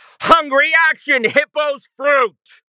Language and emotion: English, disgusted